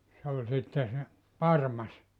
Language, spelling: Finnish, se oli sitten se parmas
- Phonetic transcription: 'se oĺ sitte se , "parmas .

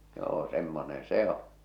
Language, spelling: Finnish, joo semmoinen se on
- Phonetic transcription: joo semmonen̬ 'se oo̰ .

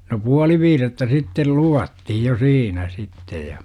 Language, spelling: Finnish, no puoli viidettä sitten luvattiin jo siinä sitten ja
- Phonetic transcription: no "puali 'viirettä sittel 'luvattihij jo "siinä sittej ja .

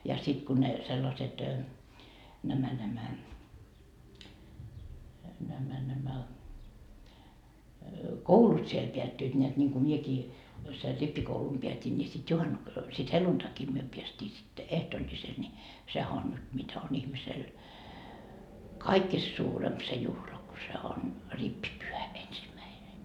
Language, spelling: Finnish, ja sitten kun ne sellaiset nämä nämä nämä nämä koulut siellä päättyivät näet niin kuin minäkin sen rippikoulun päätin niin sitten - sitten helluntaina me päästiin sitten ehtoolliselle niin sehän on nyt mitä on ihmisellä kaikista suurempi se juhla kun se on rippipyhä ensimmäinen
- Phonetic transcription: ja 'sit kun ne , 'sellaset , nämä nämä , nämä nämä , "koulut siel peättyit ńeät ńiŋku 'miekii , ser 'rippikoulum peät́in ńi sit 'juhannu- , sit "heluntaki myö peäst́ii sitte , "ehtooĺĺisel ńi , sehä on nyt mitä on ihmisel , "kaikkist 'suuremp se 'juhla ku se on , 'rippipyhä 'ensimäine .

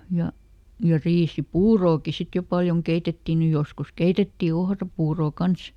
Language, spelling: Finnish, ja ja riisipuuroakin sitten jo paljon keitettiin nyt joskus keitettiin ohrapuuroa kanssa
- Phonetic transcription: ja , ja ˈriisi"puurooki ˈsit jo ˈpaljoŋ ˈkeitetti ny ˈjoskus "keitetti ˈohrapuurò ˈkans .

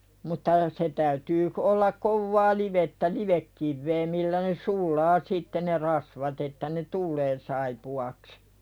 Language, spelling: Finnish, mutta se täytyy - olla kovaa livettä livekiveä millä ne sulaa sitten ne rasvat että ne tulee saippuaksi
- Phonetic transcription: mutta , se täytyy k- ollak 'kovvaa "livettä "livekkivvee millä ne "sul̆laa sitte ne 'rasvat että ne "tul̆lee saipu₍aks .

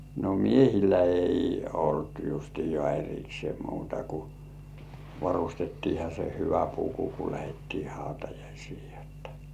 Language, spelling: Finnish, no miehillä ei ollut justiaan erikseen muuta kuin varustettiinhan se hyvä puku kun lähdettiin hautajaisia jotta
- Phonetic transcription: no "miehillä ei 'olt justijŏà er̜iksĭè muuta ku , "varustettiiha se 'hyvä puku ku 'lähettii hautajaisii jottᴀ .

